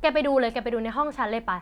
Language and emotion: Thai, frustrated